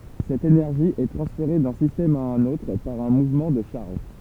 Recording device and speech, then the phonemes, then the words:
temple vibration pickup, read sentence
sɛt enɛʁʒi ɛ tʁɑ̃sfeʁe dœ̃ sistɛm a œ̃n otʁ paʁ œ̃ muvmɑ̃ də ʃaʁʒ
Cette énergie est transférée d'un système à un autre par un mouvement de charges.

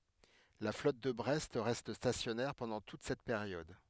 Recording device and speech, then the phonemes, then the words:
headset microphone, read sentence
la flɔt də bʁɛst ʁɛst stasjɔnɛʁ pɑ̃dɑ̃ tut sɛt peʁjɔd
La flotte de Brest reste stationnaire pendant toute cette période.

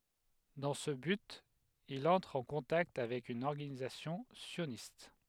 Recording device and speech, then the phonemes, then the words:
headset microphone, read sentence
dɑ̃ sə byt il ɑ̃tʁ ɑ̃ kɔ̃takt avɛk yn ɔʁɡanizasjɔ̃ sjonist
Dans ce but, il entre en contact avec une organisation sioniste.

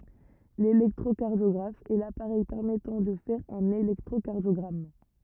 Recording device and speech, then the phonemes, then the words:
rigid in-ear microphone, read sentence
lelɛktʁokaʁdjɔɡʁaf ɛ lapaʁɛj pɛʁmɛtɑ̃ də fɛʁ œ̃n elɛktʁokaʁdjɔɡʁam
L'électrocardiographe est l'appareil permettant de faire un électrocardiogramme.

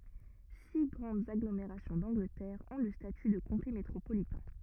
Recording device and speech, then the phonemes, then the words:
rigid in-ear microphone, read sentence
si ɡʁɑ̃dz aɡlomeʁasjɔ̃ dɑ̃ɡlətɛʁ ɔ̃ lə staty də kɔ̃te metʁopolitɛ̃
Six grandes agglomérations d'Angleterre ont le statut de comté métropolitain.

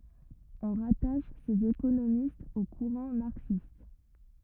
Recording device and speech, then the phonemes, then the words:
rigid in-ear microphone, read sentence
ɔ̃ ʁataʃ sez ekonomistz o kuʁɑ̃ maʁksist
On rattache ces économistes au courant marxiste.

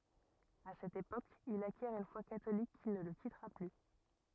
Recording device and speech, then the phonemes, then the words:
rigid in-ear microphone, read sentence
a sɛt epok il akjɛʁ yn fwa katolik ki nə lə kitʁa ply
À cette époque, il acquiert une foi catholique qui ne le quittera plus.

